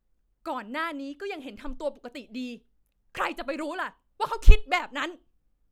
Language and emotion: Thai, angry